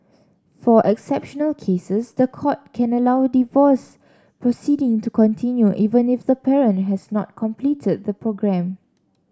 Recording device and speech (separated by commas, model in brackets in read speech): standing microphone (AKG C214), read sentence